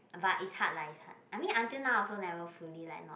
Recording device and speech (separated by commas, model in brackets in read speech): boundary microphone, conversation in the same room